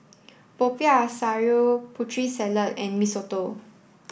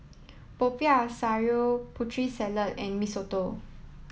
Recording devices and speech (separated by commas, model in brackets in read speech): boundary microphone (BM630), mobile phone (iPhone 7), read sentence